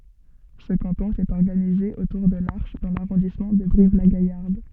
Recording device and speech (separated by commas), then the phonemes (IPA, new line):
soft in-ear microphone, read sentence
sə kɑ̃tɔ̃ etɛt ɔʁɡanize otuʁ də laʁʃ dɑ̃ laʁɔ̃dismɑ̃ də bʁivlaɡajaʁd